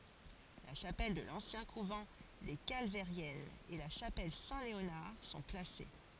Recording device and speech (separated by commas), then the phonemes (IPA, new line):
forehead accelerometer, read sentence
la ʃapɛl də lɑ̃sjɛ̃ kuvɑ̃ de kalvɛʁjɛnz e la ʃapɛl sɛ̃tleonaʁ sɔ̃ klase